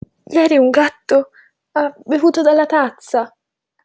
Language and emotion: Italian, fearful